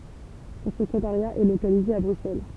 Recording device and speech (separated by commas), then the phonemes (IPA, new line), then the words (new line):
temple vibration pickup, read sentence
sɔ̃ səkʁetaʁja ɛ lokalize a bʁyksɛl
Son secrétariat est localisé à Bruxelles.